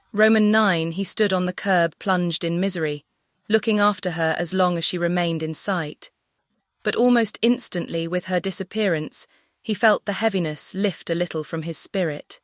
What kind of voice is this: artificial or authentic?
artificial